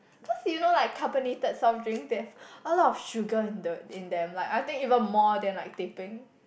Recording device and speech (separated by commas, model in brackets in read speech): boundary microphone, conversation in the same room